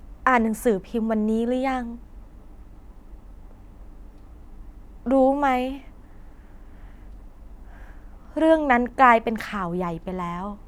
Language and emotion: Thai, sad